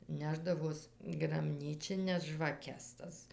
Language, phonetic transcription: Lithuanian, ˈnešdavos graˈbnyčines žvaˈkes ˈtas

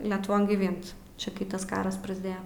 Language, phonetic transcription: Lithuanian, letuˈvon gyˈvint ˈčia kai ˈtas ˈkaras prasˈdėja

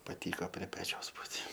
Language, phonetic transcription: Lithuanian, paˈtyko prie ˈpečiaus ˈbūt'

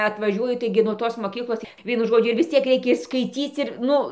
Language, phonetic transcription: Lithuanian, atvaˈžiuoju ˈtaigi nuo ˈtos moˈkyklos ˈvienu ˈžodžiu ir vis ˈciek reiˈkia ir skaiˈcyc ir ˈnu

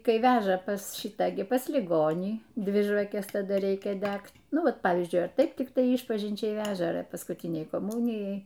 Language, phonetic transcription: Lithuanian, ˈkai ˈveža pas ˈšitą gi pas liˈgonį ˈdvi žvaˈkes taˈda ˈreikia ˈdægt ˈnu ˈva ˈpavyzdžiui ar ˈtaip tikˈtai ˈyšpažinčiai ˈveža ar paskūˈtinei koˈmūnijai

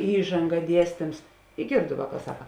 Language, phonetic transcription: Lithuanian, ˈįžanga ˈdiestims i ˈgėrdu ˈvāˌkā ˈsaka

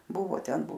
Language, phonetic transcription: Lithuanian, ˈbuvo ˈten

